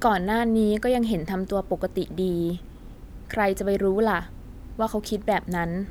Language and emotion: Thai, neutral